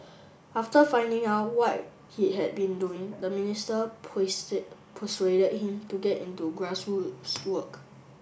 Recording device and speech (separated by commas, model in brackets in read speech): boundary microphone (BM630), read sentence